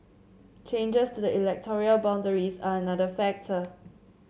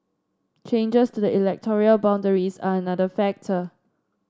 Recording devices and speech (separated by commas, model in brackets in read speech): mobile phone (Samsung C7), standing microphone (AKG C214), read sentence